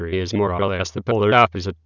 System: TTS, waveform concatenation